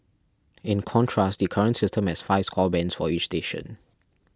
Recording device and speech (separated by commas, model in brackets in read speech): standing microphone (AKG C214), read sentence